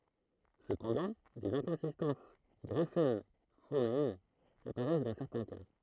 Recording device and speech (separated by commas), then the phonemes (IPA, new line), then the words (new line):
throat microphone, read sentence
səpɑ̃dɑ̃ dez ɛ̃kɔ̃sistɑ̃s ɡʁafɛm fonɛm apaʁɛs dɑ̃ sɛʁtɛ̃ ka
Cependant des inconsistances graphème-phonème apparaissent dans certains cas.